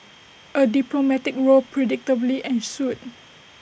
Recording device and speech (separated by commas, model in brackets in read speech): boundary microphone (BM630), read sentence